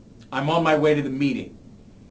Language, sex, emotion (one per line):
English
male
neutral